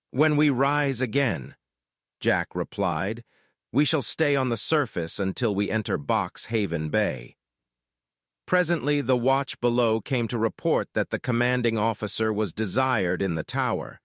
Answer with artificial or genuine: artificial